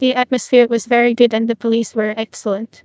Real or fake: fake